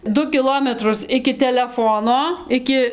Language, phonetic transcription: Lithuanian, ˈdu kiˈlometrus iki teleˈfono ˈiki

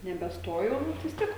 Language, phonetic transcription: Lithuanian, nebeˈstojau bet vis ˈtiek

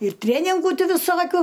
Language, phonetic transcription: Lithuanian, ir ˈtrėningų ˈti viˈsokiu

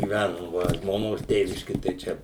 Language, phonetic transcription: Lithuanian, gyˈvænum ˈva žmoˈnos ˈtėviški tai ˈčia

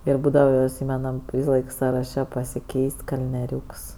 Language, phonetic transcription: Lithuanian, ˈir ˈbūdava iˈsymenam ˈvysaˌlaik saraˈše pasiˈkeis't' kalnieˈriūks

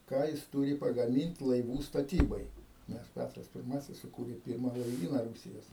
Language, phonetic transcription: Lithuanian, ˈką jis ˈtūri pagaˈmint' laiˈvų staˈtybai nes ˈpætras pirˈmasis suˈkūrė ˈpyrma laiˈvyna ˈrūsijos

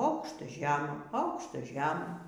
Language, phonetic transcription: Lithuanian, ˈaukšta ˈžema ˈaukšta ˈžema

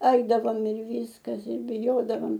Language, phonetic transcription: Lithuanian, ˈaidavom ir ˈvyskas ir biˈjodavam

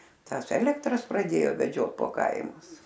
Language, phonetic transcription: Lithuanian, ˈtąs ˈelektras praˈdėjo veˈdžiot po ˈkaimus

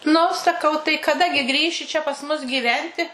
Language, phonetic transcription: Lithuanian, nu saˈkau tai kaˈda gi ˈgrįši čia pas ˈmus gyˈventi

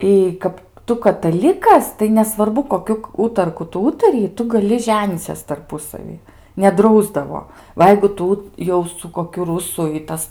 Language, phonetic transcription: Lithuanian, y ˈkap ˈtu kataˈlikas tai nesvarˈbu koˈkiu ˈūtarku ˈtu ˈūtariji ˈtu gaˈli ˈženyces tarˈpusavy neˈdrausdavo ˈva jeigu ˈtu jau su koˈkiu ˈrusu i ˈtas

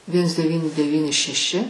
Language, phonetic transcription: Lithuanian, ˈviens deˈvyni deˈvyni šeˈši

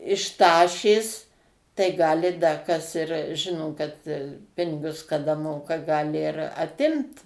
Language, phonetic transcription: Lithuanian, iš ˈtašės tai ˈgali da kas ir ˈžino kad ˈpinigus kaˈda ˈmoka ˈgali ir aˈtimt

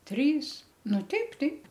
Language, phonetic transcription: Lithuanian, ˈtrys ˈnu ˈteip ˈteip

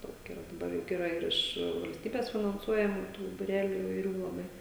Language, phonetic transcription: Lithuanian, ˈdaug iˈra daˈbar ˈjuk iˈra ir ˈiš valsˈtybės finanˈsuojamų tų buˈreliu ivaiˈrių laˈbai

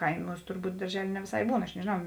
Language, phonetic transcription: Lithuanian, ˈkaimūs turˈbūt darˈželė ne vėˈsai ˈbūn aš nežėˈnau

